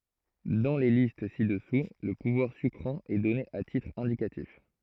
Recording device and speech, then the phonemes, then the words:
throat microphone, read sentence
dɑ̃ le list si dəsu lə puvwaʁ sykʁɑ̃ ɛ dɔne a titʁ ɛ̃dikatif
Dans les listes ci-dessous, le pouvoir sucrant est donné à titre indicatif.

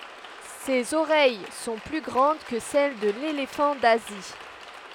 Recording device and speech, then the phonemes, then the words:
headset microphone, read sentence
sez oʁɛj sɔ̃ ply ɡʁɑ̃d kə sɛl də lelefɑ̃ dazi
Ses oreilles sont plus grandes que celles de l’éléphant d’Asie.

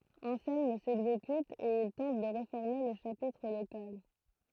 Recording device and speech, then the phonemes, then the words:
throat microphone, read sentence
ɑ̃sɛlm sɛɡzekyt e il tɑ̃t də ʁefɔʁme lə ʃapitʁ lokal
Anselme s'exécute et il tente de réformer le chapitre local.

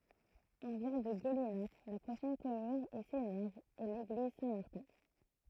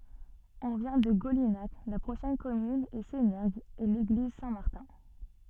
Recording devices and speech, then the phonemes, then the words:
throat microphone, soft in-ear microphone, read sentence
ɔ̃ vjɛ̃ də ɡolinak la pʁoʃɛn kɔmyn ɛ senɛʁɡz e leɡliz sɛ̃tmaʁtɛ̃
On vient de Golinhac, la prochaine commune est Sénergues et l'église Saint-Martin.

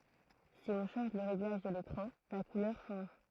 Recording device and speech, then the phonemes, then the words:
throat microphone, read sentence
si ɔ̃ ʃɑ̃ʒ lə ʁeɡlaʒ də lekʁɑ̃ la kulœʁ ʃɑ̃ʒ
Si on change le réglage de l'écran, la couleur change.

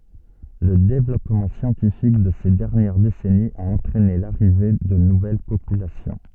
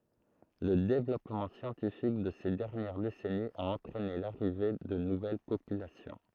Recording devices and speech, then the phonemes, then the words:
soft in-ear microphone, throat microphone, read sentence
lə devlɔpmɑ̃ sjɑ̃tifik də se dɛʁnjɛʁ desɛniz a ɑ̃tʁɛne laʁive də nuvɛl popylasjɔ̃
Le développement scientifique de ces dernières décennies a entraîné l’arrivée de nouvelles populations.

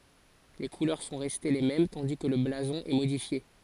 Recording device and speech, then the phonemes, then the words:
forehead accelerometer, read sentence
le kulœʁ sɔ̃ ʁɛste le mɛm tɑ̃di kə lə blazɔ̃ ɛ modifje
Les couleurs sont restées les mêmes tandis que le blason est modifié.

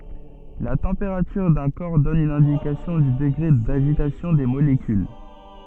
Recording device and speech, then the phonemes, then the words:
soft in-ear microphone, read sentence
la tɑ̃peʁatyʁ dœ̃ kɔʁ dɔn yn ɛ̃dikasjɔ̃ dy dəɡʁe daʒitasjɔ̃ de molekyl
La température d'un corps donne une indication du degré d'agitation des molécules.

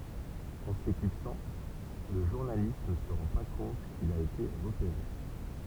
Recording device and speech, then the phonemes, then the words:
temple vibration pickup, read sentence
ɑ̃ seklipsɑ̃ lə ʒuʁnalist nə sə ʁɑ̃ pa kɔ̃t kil a ete ʁəpeʁe
En s'éclipsant, le journaliste ne se rend pas compte qu'il a été repéré.

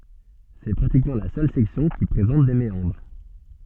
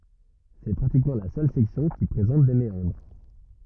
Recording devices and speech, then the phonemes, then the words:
soft in-ear microphone, rigid in-ear microphone, read sentence
sɛ pʁatikmɑ̃ la sœl sɛksjɔ̃ ki pʁezɑ̃t de meɑ̃dʁ
C'est pratiquement la seule section qui présente des méandres.

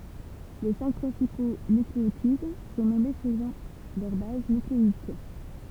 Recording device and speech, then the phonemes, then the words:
temple vibration pickup, read sentence
le sɛ̃k pʁɛ̃sipo nykleotid sɔ̃ nɔme səlɔ̃ lœʁ baz nykleik
Les cinq principaux nucléotides sont nommés selon leur base nucléique.

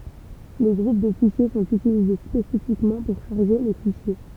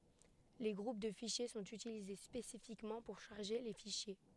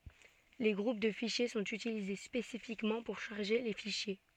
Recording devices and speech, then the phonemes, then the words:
temple vibration pickup, headset microphone, soft in-ear microphone, read sentence
le ɡʁup də fiʃje sɔ̃t ytilize spesifikmɑ̃ puʁ ʃaʁʒe le fiʃje
Les groupes de fichiers sont utilisés spécifiquement pour charger les fichiers.

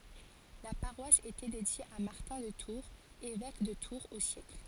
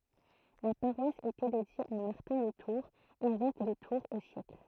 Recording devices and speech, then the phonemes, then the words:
forehead accelerometer, throat microphone, read sentence
la paʁwas etɛ dedje a maʁtɛ̃ də tuʁz evɛk də tuʁz o sjɛkl
La paroisse était dédiée à Martin de Tours, évêque de Tours au siècle.

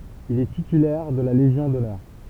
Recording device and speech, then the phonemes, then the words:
temple vibration pickup, read sentence
il ɛ titylɛʁ də la leʒjɔ̃ dɔnœʁ
Il est titulaire de la légion d’honneur.

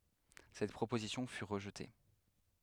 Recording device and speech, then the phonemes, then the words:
headset microphone, read sentence
sɛt pʁopozisjɔ̃ fy ʁəʒte
Cette proposition fut rejetée.

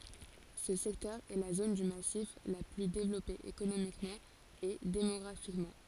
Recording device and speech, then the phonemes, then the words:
forehead accelerometer, read sentence
sə sɛktœʁ ɛ la zon dy masif la ply devlɔpe ekonomikmɑ̃ e demɔɡʁafikmɑ̃
Ce secteur est la zone du massif la plus développée économiquement et démographiquement.

